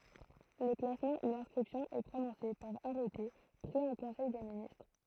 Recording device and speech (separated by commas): throat microphone, read sentence